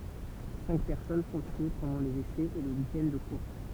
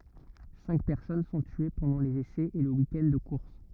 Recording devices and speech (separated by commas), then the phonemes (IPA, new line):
temple vibration pickup, rigid in-ear microphone, read sentence
sɛ̃k pɛʁsɔn sɔ̃ tye pɑ̃dɑ̃ lez esɛz e lə wikɛnd də kuʁs